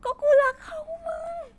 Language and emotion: Thai, sad